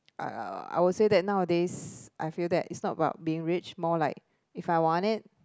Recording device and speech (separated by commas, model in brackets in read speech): close-talking microphone, conversation in the same room